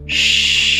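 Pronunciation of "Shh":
The sh sound is held long and is made without using the voice.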